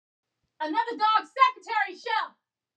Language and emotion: English, angry